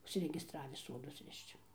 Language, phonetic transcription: Lithuanian, užsiregisˈtravį ˈsodus ˈrišč

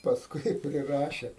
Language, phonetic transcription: Lithuanian, pasˈkui i priˈraše

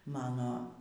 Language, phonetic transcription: Lithuanian, ˈmano

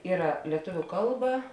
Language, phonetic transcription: Lithuanian, ˈyra lieˈtuviu ˈkalˌba

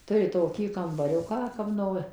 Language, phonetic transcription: Lithuanian, ˈturi toˈkį kambaˈriuką ˈkap no

